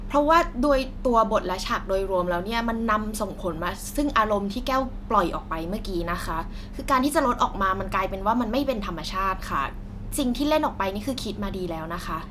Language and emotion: Thai, frustrated